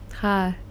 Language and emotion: Thai, frustrated